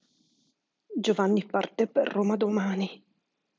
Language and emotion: Italian, sad